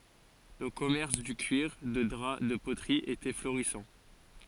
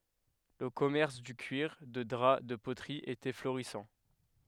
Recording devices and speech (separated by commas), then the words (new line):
forehead accelerometer, headset microphone, read sentence
Le commerce du cuir, de drap, de poterie était florissant.